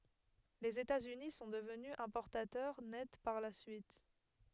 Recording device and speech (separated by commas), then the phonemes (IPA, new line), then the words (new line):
headset microphone, read sentence
lez etatsyni sɔ̃ dəvny ɛ̃pɔʁtatœʁ nɛt paʁ la syit
Les États-Unis sont devenus importateurs nets par la suite.